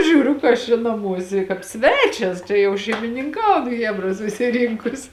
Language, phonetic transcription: Lithuanian, ˈžiūriu ka ˈaš čia naˈmuose kāp ˈsvečias čia jau šeimininˈkaun ˈchebra susiˈrinkus

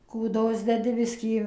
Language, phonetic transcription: Lithuanian, kūˈdos deˈdi ˈbiskį

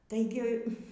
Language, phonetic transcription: Lithuanian, taiˈgi

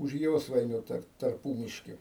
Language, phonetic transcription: Lithuanian, už ˈjosvainiu tar tarˈpūmiški

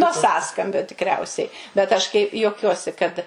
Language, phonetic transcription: Lithuanian, nuo ˈsąskambio tikˈriausiai bet ˈaš kai juoˈkiuosi kad

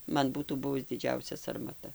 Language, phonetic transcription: Lithuanian, ˈman ˈbūtų ˈbuvus diˈdžiausia sarmaˈta

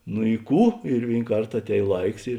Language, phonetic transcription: Lithuanian, nu i ˈkų ir ˈvėin ˈkart aˈtēj ˈlaiks ir

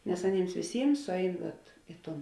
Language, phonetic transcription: Lithuanian, nes aˈnyms vėˈsyms ˈsuˌein vat ˈi ˌton

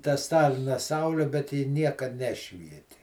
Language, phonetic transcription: Lithuanian, ta ˈstalina ˈsaule bet ˈji ˈniekad ˈnešvieti

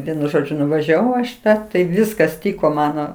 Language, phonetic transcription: Lithuanian, ˈvienu ˈžodžiu nuvažiaˈvau aš iˈtą tai ˈviskas ˈtyko ˈmano

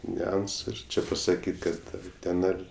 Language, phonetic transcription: Lithuanian, niuˈansu ir ˈči pasaˈkyt' ˈkad ar ˈten ar

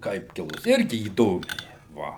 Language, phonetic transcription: Lithuanian, ˈkaip ˈkilus ˈirgi įˈdomiai ˈva

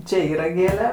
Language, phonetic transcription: Lithuanian, ˈčė ˈyra ˈgėle

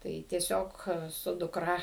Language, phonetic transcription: Lithuanian, ˈtai tieˈsiog su dukˈra

